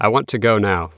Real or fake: real